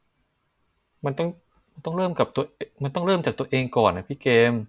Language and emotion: Thai, frustrated